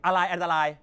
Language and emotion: Thai, angry